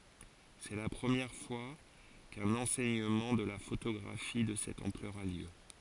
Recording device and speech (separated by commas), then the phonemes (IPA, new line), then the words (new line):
forehead accelerometer, read sentence
sɛ la pʁəmjɛʁ fwa kœ̃n ɑ̃sɛɲəmɑ̃ də la fotoɡʁafi də sɛt ɑ̃plœʁ a ljø
C’est la première fois qu’un enseignement de la photographie de cette ampleur a lieu.